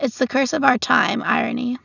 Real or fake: real